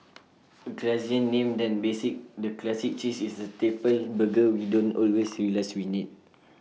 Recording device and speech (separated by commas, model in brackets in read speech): mobile phone (iPhone 6), read sentence